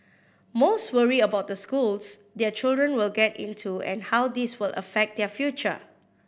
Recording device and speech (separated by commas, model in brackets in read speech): boundary microphone (BM630), read sentence